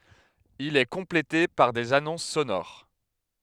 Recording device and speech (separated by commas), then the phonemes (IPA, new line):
headset microphone, read sentence
il ɛ kɔ̃plete paʁ dez anɔ̃s sonoʁ